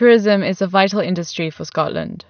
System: none